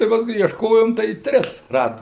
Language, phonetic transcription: Lithuanian, tai pasˈkui iešˈkojom tai ˈtris ˈradom

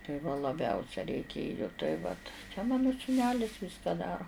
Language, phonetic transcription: Lithuanian, tai va laˈbiausia reiˈkėju tai ˈvat čia ˈmanu sūˈnelis ˈviska ˈdaro

